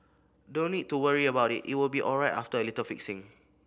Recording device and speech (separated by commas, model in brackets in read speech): boundary microphone (BM630), read sentence